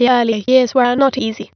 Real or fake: fake